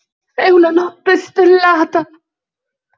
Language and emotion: Italian, fearful